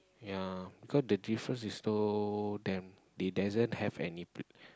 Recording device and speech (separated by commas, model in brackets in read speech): close-talking microphone, conversation in the same room